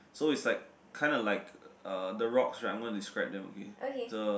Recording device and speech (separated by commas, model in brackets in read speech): boundary microphone, conversation in the same room